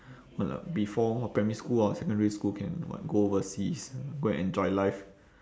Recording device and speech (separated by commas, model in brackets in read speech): standing microphone, conversation in separate rooms